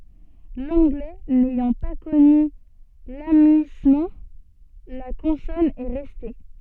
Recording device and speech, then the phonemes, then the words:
soft in-ear microphone, read sentence
lɑ̃ɡlɛ nɛjɑ̃ pa kɔny lamyismɑ̃ la kɔ̃sɔn ɛ ʁɛste
L'anglais n'ayant pas connu l'amuïssement, la consonne est restée.

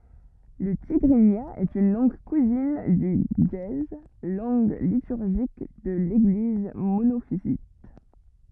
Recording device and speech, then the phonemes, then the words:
rigid in-ear microphone, read sentence
lə tiɡʁinja ɛt yn lɑ̃ɡ kuzin dy ʒəe lɑ̃ɡ lityʁʒik də leɡliz monofizit
Le tigrinya est une langue cousine du ge'ez, langue liturgique de l'Église monophysite.

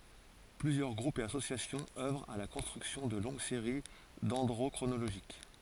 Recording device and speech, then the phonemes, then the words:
forehead accelerometer, read sentence
plyzjœʁ ɡʁupz e asosjasjɔ̃z œvʁt a la kɔ̃stʁyksjɔ̃ də lɔ̃ɡ seʁi dɛ̃dʁokʁonoloʒik
Plusieurs groupes et associations œuvrent à la construction de longues séries dendrochronologiques.

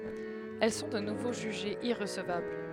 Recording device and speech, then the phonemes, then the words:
headset microphone, read sentence
ɛl sɔ̃ də nuvo ʒyʒez iʁəsəvabl
Elles sont de nouveau jugées irrecevables.

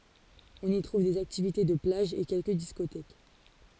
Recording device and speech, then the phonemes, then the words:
forehead accelerometer, read sentence
ɔ̃n i tʁuv dez aktivite də plaʒ e kɛlkə diskotɛk
On y trouve des activités de plage et quelques discothèques.

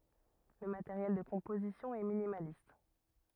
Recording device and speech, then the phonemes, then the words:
rigid in-ear microphone, read sentence
lə mateʁjɛl də kɔ̃pozisjɔ̃ ɛ minimalist
Le matériel de composition est minimaliste.

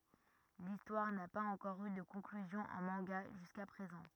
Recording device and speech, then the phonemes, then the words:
rigid in-ear microphone, read sentence
listwaʁ na paz ɑ̃kɔʁ y də kɔ̃klyzjɔ̃ ɑ̃ mɑ̃ɡa ʒyska pʁezɑ̃
L'histoire n'a pas encore eu de conclusion en manga jusqu'à présent.

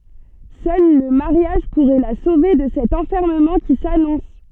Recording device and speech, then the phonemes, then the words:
soft in-ear microphone, read sentence
sœl lə maʁjaʒ puʁɛ la sove də sɛt ɑ̃fɛʁməmɑ̃ ki sanɔ̃s
Seul le mariage pourrait la sauver de cet enfermement qui s’annonce.

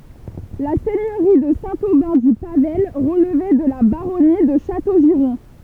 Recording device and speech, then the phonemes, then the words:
temple vibration pickup, read sentence
la sɛɲøʁi də sɛ̃ obɛ̃ dy pavaj ʁəlvɛ də la baʁɔni də ʃatoʒiʁɔ̃
La seigneurie de Saint-Aubin-du-Pavail relevait de la baronnie de Châteaugiron.

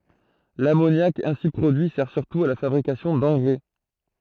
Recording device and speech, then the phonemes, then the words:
throat microphone, read sentence
lamonjak ɛ̃si pʁodyi sɛʁ syʁtu a la fabʁikasjɔ̃ dɑ̃ɡʁɛ
L'ammoniac ainsi produit sert surtout à la fabrication d'engrais.

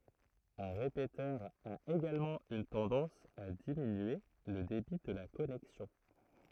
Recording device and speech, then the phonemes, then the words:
throat microphone, read sentence
œ̃ ʁepetœʁ a eɡalmɑ̃ yn tɑ̃dɑ̃s a diminye lə debi də la kɔnɛksjɔ̃
Un répéteur a également une tendance à diminuer le débit de la connexion.

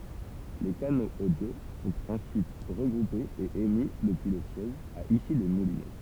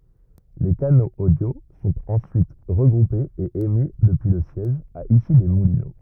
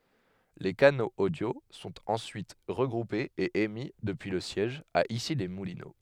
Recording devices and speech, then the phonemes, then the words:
temple vibration pickup, rigid in-ear microphone, headset microphone, read sentence
le kanoz odjo sɔ̃t ɑ̃syit ʁəɡʁupez e emi dəpyi lə sjɛʒ a isilɛsmulino
Les canaux audio sont ensuite regroupés et émis depuis le siège, à Issy-les-Moulineaux.

